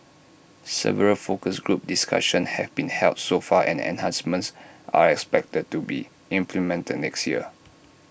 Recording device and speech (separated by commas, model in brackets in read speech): boundary microphone (BM630), read sentence